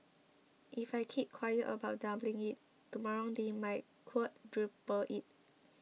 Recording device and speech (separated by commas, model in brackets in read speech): mobile phone (iPhone 6), read sentence